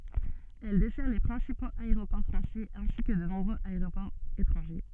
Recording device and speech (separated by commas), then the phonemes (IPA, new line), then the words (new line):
soft in-ear microphone, read sentence
ɛl dɛsɛʁ le pʁɛ̃sipoz aeʁopɔʁ fʁɑ̃sɛz ɛ̃si kə də nɔ̃bʁøz aeʁopɔʁz etʁɑ̃ʒe
Elle dessert les principaux aéroports français ainsi que de nombreux aéroports étrangers.